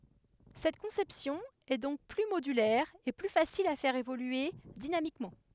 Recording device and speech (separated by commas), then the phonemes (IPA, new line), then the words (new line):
headset microphone, read sentence
sɛt kɔ̃sɛpsjɔ̃ ɛ dɔ̃k ply modylɛʁ e ply fasil a fɛʁ evolye dinamikmɑ̃
Cette conception est donc plus modulaire et plus facile à faire évoluer dynamiquement.